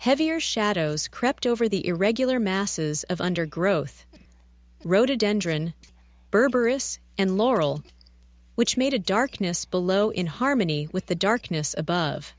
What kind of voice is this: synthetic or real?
synthetic